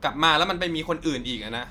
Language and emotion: Thai, frustrated